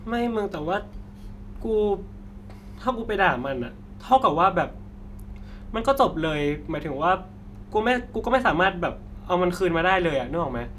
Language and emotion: Thai, frustrated